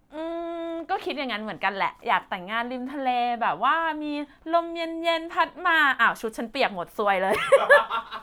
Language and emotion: Thai, happy